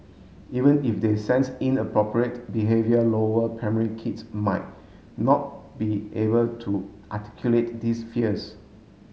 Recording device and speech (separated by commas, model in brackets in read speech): mobile phone (Samsung S8), read sentence